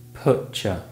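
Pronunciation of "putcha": In 'putcha', a sound changes under the influence of the sound that comes before or after it.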